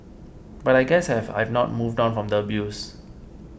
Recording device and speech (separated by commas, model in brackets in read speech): boundary microphone (BM630), read sentence